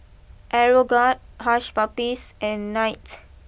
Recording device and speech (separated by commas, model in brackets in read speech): boundary microphone (BM630), read sentence